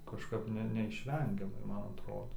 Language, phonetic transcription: Lithuanian, kažˈkap ne neišˈvengiamai ˈman atˈrodo

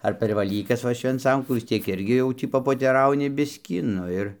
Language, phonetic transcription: Lithuanian, ar per vaˈlykas ˈva švenˈcankų vis ˈtiek ˈirgi ˈjau tį papoteˈrauni ˈbiskį ˈnu ir

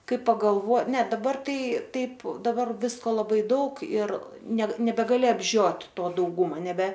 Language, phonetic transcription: Lithuanian, ˈkai pagalˈvo ne daˈbar ˈtai ˈtaip daˈbar ˈvisko laˈbai ˈdaug ir ˈnet nebegaˈli apˈžiot' ˈto dauˈgūma nebe

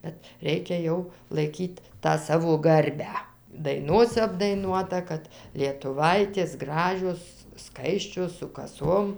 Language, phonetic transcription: Lithuanian, ˈbet ˈreikia jau laiˈkyt' tą ˈsavo ˈgarbę daiˈnose apdaiˈnuota ˈkad lietuˈvaitės ˈgražios ˈskaisčios su kaˈsom

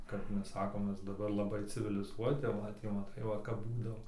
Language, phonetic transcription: Lithuanian, kap ˈmes ˈsakom ˈmes daˈbar laˈbai civiliˈzuoti tai ˈvat jau maˈtai ˈva kap ˈbūdavo

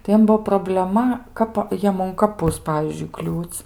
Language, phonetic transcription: Lithuanian, tai ˈjiem ˈbuvo probleˈma ˈkapa ˈjiem un kaˈpus ˈpavyzdžiui ˈkliūc'

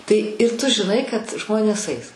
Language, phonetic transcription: Lithuanian, tai ir tu žiˈnai kad ˈžmonės ais

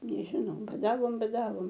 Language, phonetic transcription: Lithuanian, nežiˈnau baˈdavom baˈdavom

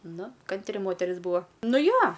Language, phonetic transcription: Lithuanian, ˈnu ˈkantri ˈmoteris ˈbūa ˈnu ˈjo

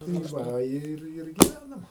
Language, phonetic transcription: Lithuanian, tai ˈva ˈir ir giˈvænam

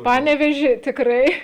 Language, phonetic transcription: Lithuanian, ˈpanevėži tikˈrai

